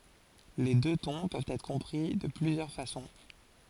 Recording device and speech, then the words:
forehead accelerometer, read sentence
Les deux tons peuvent être compris de plusieurs façons.

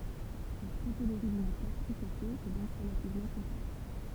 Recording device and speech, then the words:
temple vibration pickup, read sentence
La topologie d'une étoffe tricotée est donc relativement complexe.

